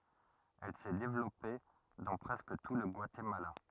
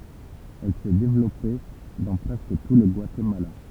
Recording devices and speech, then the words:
rigid in-ear microphone, temple vibration pickup, read sentence
Elle s'est développée dans presque tout le Guatemala.

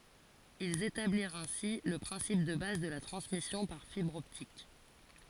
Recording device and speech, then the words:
forehead accelerometer, read sentence
Ils établirent ainsi le principe de base de la transmission par fibre optique.

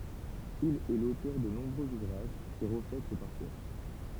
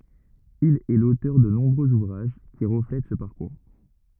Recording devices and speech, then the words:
temple vibration pickup, rigid in-ear microphone, read sentence
Il est l'auteur de nombreux ouvrages qui reflètent ce parcours.

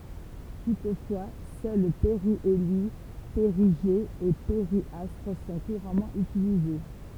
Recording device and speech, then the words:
temple vibration pickup, read sentence
Toutefois, seuls périhélie, périgée et périastre sont couramment utilisés.

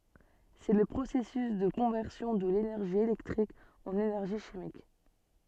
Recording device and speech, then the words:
soft in-ear microphone, read sentence
C'est le processus de conversion de l'énergie électrique en énergie chimique.

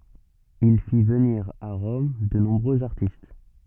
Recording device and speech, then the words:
soft in-ear microphone, read sentence
Il fit venir à Rome de nombreux artistes.

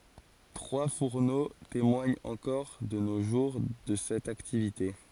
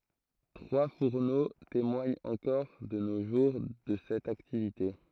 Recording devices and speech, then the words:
forehead accelerometer, throat microphone, read sentence
Trois fourneaux témoignent encore de nos jours de cette activité.

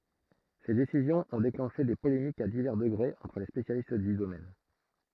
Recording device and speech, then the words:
throat microphone, read sentence
Ces décisions ont déclenché des polémiques à divers degrés entre les spécialistes du domaine.

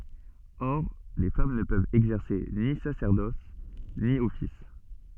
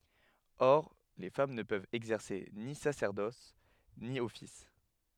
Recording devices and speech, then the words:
soft in-ear microphone, headset microphone, read sentence
Or, les femmes ne peuvent exercer ni sacerdoce, ni office.

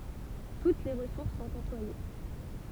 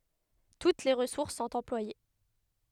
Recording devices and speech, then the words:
temple vibration pickup, headset microphone, read sentence
Toutes les ressources sont employées.

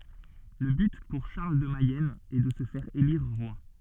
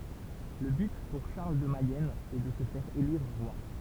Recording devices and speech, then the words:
soft in-ear microphone, temple vibration pickup, read sentence
Le but pour Charles de Mayenne est de se faire élire roi.

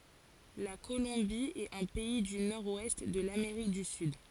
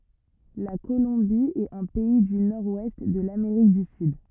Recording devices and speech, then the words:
forehead accelerometer, rigid in-ear microphone, read sentence
La Colombie est un pays du nord-ouest de l’Amérique du Sud.

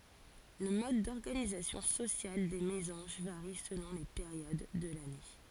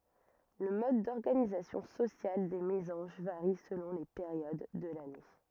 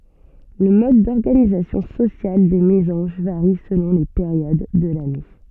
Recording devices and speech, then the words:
forehead accelerometer, rigid in-ear microphone, soft in-ear microphone, read sentence
Le mode d'organisation sociale des mésanges varie selon les périodes de l'année.

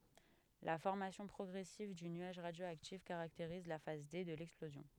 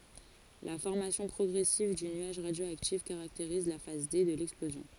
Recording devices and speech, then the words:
headset microphone, forehead accelerometer, read sentence
La formation progressive du nuage radioactif caractérise la phase D de l'explosion.

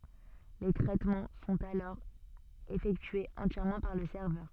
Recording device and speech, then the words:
soft in-ear microphone, read sentence
Les traitements sont alors effectués entièrement par le serveur.

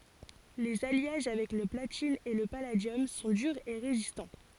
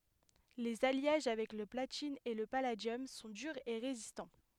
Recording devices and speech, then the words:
forehead accelerometer, headset microphone, read sentence
Les alliages avec le platine et le palladium sont durs et résistants.

